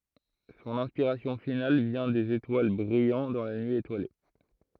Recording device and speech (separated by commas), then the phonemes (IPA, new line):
throat microphone, read sentence
sɔ̃n ɛ̃spiʁasjɔ̃ final vjɛ̃ dez etwal bʁijɑ̃ dɑ̃ la nyi etwale